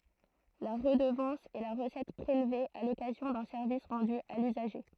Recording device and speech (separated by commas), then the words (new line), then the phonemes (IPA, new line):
throat microphone, read sentence
La redevance est la recette prélevée à l’occasion d’un service rendu à l’usager.
la ʁədəvɑ̃s ɛ la ʁəsɛt pʁelve a lɔkazjɔ̃ dœ̃ sɛʁvis ʁɑ̃dy a lyzaʒe